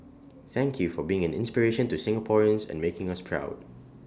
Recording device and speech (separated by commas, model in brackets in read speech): standing microphone (AKG C214), read sentence